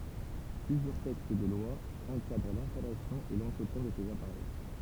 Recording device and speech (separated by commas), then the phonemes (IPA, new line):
temple vibration pickup, read sentence
plyzjœʁ tɛkst də lwa ɑ̃kadʁ lɛ̃stalasjɔ̃ e lɑ̃tʁətjɛ̃ də sez apaʁɛj